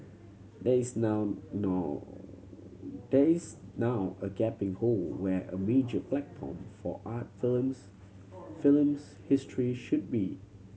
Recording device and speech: mobile phone (Samsung C7100), read sentence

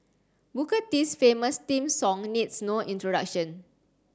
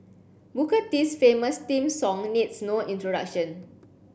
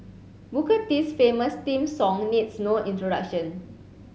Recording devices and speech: standing microphone (AKG C214), boundary microphone (BM630), mobile phone (Samsung C7), read sentence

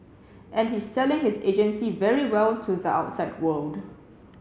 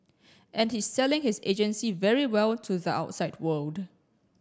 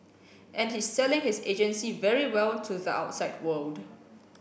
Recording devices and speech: mobile phone (Samsung C7), standing microphone (AKG C214), boundary microphone (BM630), read sentence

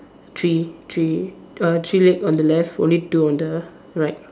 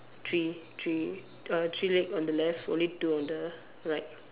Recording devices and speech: standing microphone, telephone, conversation in separate rooms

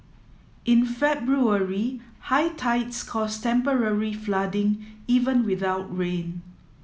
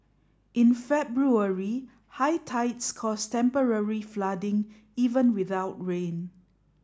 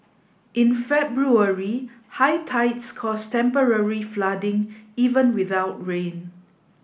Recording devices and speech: mobile phone (iPhone 7), standing microphone (AKG C214), boundary microphone (BM630), read sentence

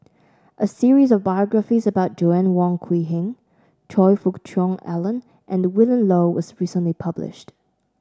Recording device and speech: standing microphone (AKG C214), read sentence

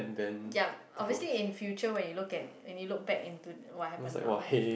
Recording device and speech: boundary microphone, conversation in the same room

